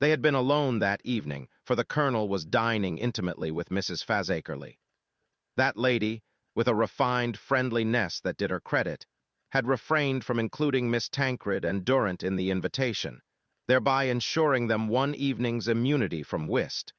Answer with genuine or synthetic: synthetic